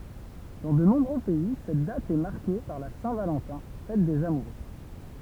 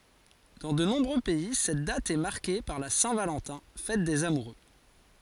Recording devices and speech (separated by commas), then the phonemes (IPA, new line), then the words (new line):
temple vibration pickup, forehead accelerometer, read sentence
dɑ̃ də nɔ̃bʁø pɛi sɛt dat ɛ maʁke paʁ la sɛ̃ valɑ̃tɛ̃ fɛt dez amuʁø
Dans de nombreux pays, cette date est marquée par la Saint-Valentin, fête des amoureux.